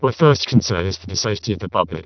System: VC, vocoder